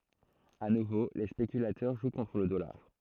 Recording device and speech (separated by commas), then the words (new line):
throat microphone, read sentence
À nouveau les spéculateurs jouent contre le dollar.